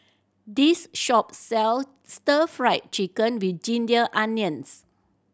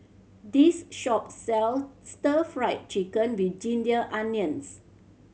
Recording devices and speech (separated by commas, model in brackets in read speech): standing microphone (AKG C214), mobile phone (Samsung C7100), read sentence